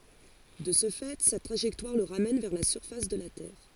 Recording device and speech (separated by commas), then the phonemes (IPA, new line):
forehead accelerometer, read sentence
də sə fɛ sa tʁaʒɛktwaʁ lə ʁamɛn vɛʁ la syʁfas də la tɛʁ